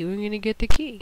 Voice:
mocking voice